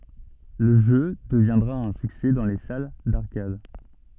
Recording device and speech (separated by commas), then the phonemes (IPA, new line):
soft in-ear microphone, read sentence
lə ʒø dəvjɛ̃dʁa œ̃ syksɛ dɑ̃ le sal daʁkad